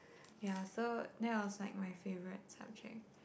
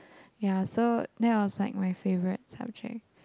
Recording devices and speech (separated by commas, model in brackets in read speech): boundary microphone, close-talking microphone, conversation in the same room